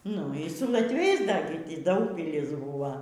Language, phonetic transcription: Lithuanian, ˈnu y su latˈviais dar gi ˈty ˈdaugpilis ˈbūvo

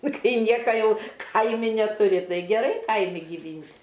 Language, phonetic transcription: Lithuanian, ˈkai ˈnieka ˈjau ˈkaimi netuˈri ˈtai geˈrai ˈkaimi giˈvynt'

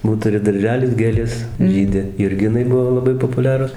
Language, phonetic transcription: Lithuanian, ˈbūt ˈturi darˈželis ˈgėlės ˈžydi jurˈginai ˈbuvo laˈbai popuˈliarus

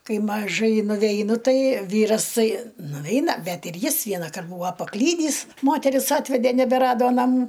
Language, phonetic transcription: Lithuanian, ˈkai maˈžai nuveiˈnu ˈtai ˈvyras ˈtai nuˈveina ˈbet ir ˈjis ˈvienakart ˈbūa paˈklydįs ˈmoteris ˈatvedė nebeˈrado naˈmų

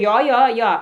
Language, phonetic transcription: Lithuanian, ˈjo ˈjo ˈjo

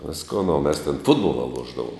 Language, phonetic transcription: Lithuanian, ˈviskon o mes ten ˈfutbola ˈluošdavum

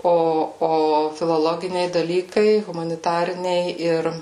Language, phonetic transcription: Lithuanian, ˈo ˈo filoˈloginiai daˈlykai humaniˈtariniai ˈir

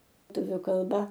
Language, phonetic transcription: Lithuanian, ˈtuviu kalˈba

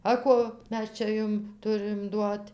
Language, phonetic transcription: Lithuanian, a ˈko ˈmes ˈčia ˈjum ˈturɨm ˈduot'

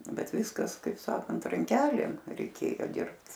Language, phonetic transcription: Lithuanian, ˈbet ˈviskas kaip ˈsakant ranˈkelėm reiˈkėjo ˈdirbt

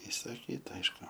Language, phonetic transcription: Lithuanian, isaˈkyta ˈaišku

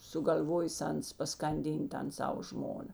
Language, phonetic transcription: Lithuanian, sugal'ˈvojės ˈans paskanˈdyn't' ˈtan ˈsavo ˈžmona

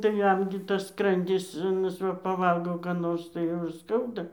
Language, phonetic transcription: Lithuanian, tai ˈjam gi tas ˈskrandis aˈnas ˈva paˈvalgo ˈką nors tai ˈjau ir ˈskauda

